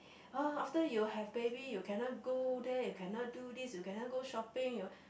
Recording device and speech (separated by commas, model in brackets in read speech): boundary microphone, conversation in the same room